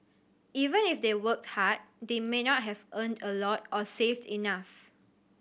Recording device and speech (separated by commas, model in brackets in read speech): boundary microphone (BM630), read sentence